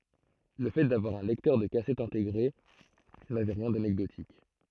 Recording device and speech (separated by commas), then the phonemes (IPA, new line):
throat microphone, read sentence
lə fɛ davwaʁ œ̃ lɛktœʁ də kasɛt ɛ̃teɡʁe navɛ ʁjɛ̃ danɛkdotik